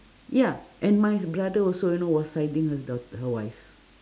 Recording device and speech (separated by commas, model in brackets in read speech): standing microphone, conversation in separate rooms